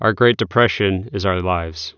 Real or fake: real